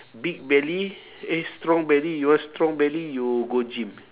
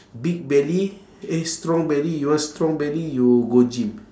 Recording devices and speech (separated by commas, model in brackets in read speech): telephone, standing microphone, conversation in separate rooms